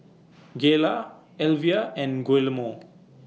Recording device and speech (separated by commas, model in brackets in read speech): mobile phone (iPhone 6), read sentence